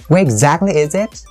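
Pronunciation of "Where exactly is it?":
The intonation fluctuates a lot over 'Where exactly is it?'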